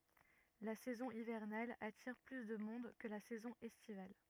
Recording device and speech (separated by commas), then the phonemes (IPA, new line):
rigid in-ear microphone, read sentence
la sɛzɔ̃ ivɛʁnal atiʁ ply də mɔ̃d kə la sɛzɔ̃ ɛstival